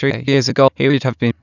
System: TTS, waveform concatenation